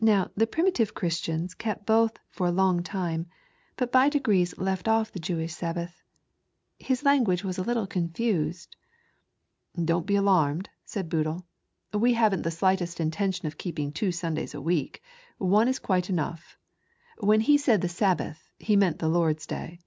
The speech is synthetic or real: real